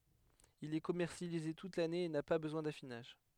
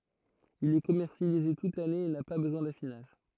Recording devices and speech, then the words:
headset microphone, throat microphone, read sentence
Il est commercialisé toute l'année et n'a pas besoin d'affinage.

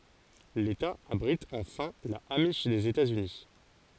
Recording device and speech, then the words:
forehead accelerometer, read sentence
L'État abrite enfin la amish des États-Unis.

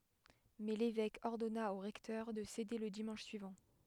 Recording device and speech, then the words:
headset microphone, read sentence
Mais l'évêque ordonna au recteur de céder le dimanche suivant.

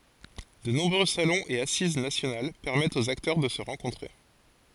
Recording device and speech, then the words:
forehead accelerometer, read sentence
De nombreux salons et assises nationales permettent aux acteurs de se rencontrer.

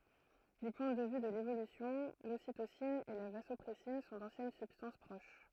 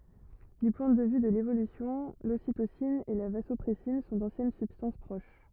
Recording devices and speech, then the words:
throat microphone, rigid in-ear microphone, read sentence
Du point de vue de l'évolution, l'ocytocine et la vasopressine sont d'anciennes substances proches.

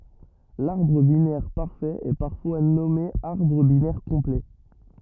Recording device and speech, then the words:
rigid in-ear microphone, read sentence
L'arbre binaire parfait est parfois nommé arbre binaire complet.

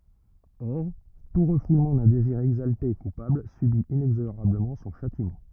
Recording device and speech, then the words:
rigid in-ear microphone, read sentence
Or, tout refoulement d'un désir exalté et coupable subit inexorablement son châtiment.

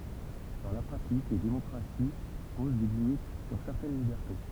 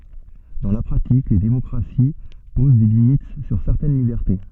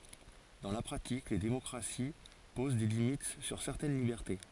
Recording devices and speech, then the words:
temple vibration pickup, soft in-ear microphone, forehead accelerometer, read sentence
Dans la pratique, les démocraties posent des limites sur certaines libertés.

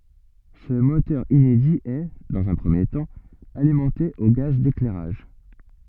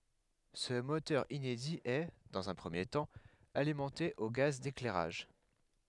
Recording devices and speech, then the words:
soft in-ear microphone, headset microphone, read sentence
Ce moteur inédit est, dans un premier temps, alimenté au gaz d'éclairage.

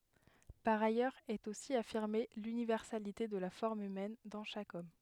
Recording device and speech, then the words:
headset microphone, read sentence
Par ailleurs est aussi affirmée l'universalité de la forme humaine dans chaque homme.

